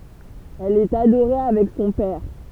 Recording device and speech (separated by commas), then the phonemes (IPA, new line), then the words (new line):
temple vibration pickup, read sentence
ɛl ɛt adoʁe avɛk sɔ̃ pɛʁ
Elle est adorée avec son père.